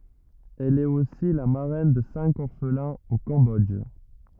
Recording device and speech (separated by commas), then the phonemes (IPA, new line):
rigid in-ear microphone, read sentence
ɛl ɛt osi la maʁɛn də sɛ̃k ɔʁflɛ̃z o kɑ̃bɔdʒ